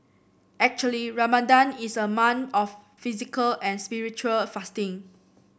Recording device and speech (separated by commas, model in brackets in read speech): boundary microphone (BM630), read sentence